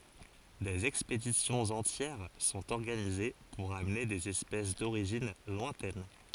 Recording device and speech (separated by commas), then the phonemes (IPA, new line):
forehead accelerometer, read sentence
dez ɛkspedisjɔ̃z ɑ̃tjɛʁ sɔ̃t ɔʁɡanize puʁ amne dez ɛspɛs doʁiʒin lwɛ̃tɛn